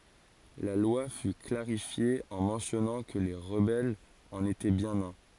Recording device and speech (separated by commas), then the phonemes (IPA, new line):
forehead accelerometer, read sentence
la lwa fy klaʁifje ɑ̃ mɑ̃sjɔnɑ̃ kə le ʁəbɛlz ɑ̃n etɛ bjɛ̃n œ̃